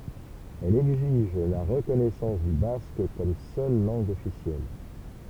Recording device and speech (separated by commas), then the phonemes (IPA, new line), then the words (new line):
temple vibration pickup, read sentence
ɛl ɛɡziʒ la ʁəkɔnɛsɑ̃s dy bask kɔm sœl lɑ̃ɡ ɔfisjɛl
Elle exige la reconnaissance du basque comme seule langue officielle.